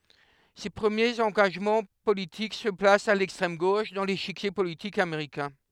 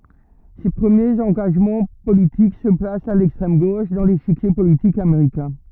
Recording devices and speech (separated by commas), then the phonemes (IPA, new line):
headset microphone, rigid in-ear microphone, read sentence
se pʁəmjez ɑ̃ɡaʒmɑ̃ politik sə plast a lɛkstʁɛm ɡoʃ dɑ̃ leʃikje politik ameʁikɛ̃